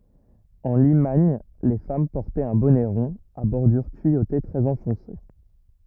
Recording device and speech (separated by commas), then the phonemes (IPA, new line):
rigid in-ear microphone, read sentence
ɑ̃ limaɲ le fam pɔʁtɛt œ̃ bɔnɛ ʁɔ̃ a bɔʁdyʁ tyijote tʁɛz ɑ̃fɔ̃se